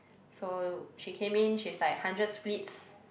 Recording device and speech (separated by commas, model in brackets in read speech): boundary microphone, conversation in the same room